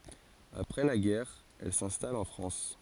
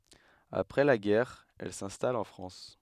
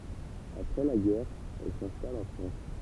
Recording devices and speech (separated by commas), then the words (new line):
forehead accelerometer, headset microphone, temple vibration pickup, read sentence
Après la guerre, elle s'installe en France.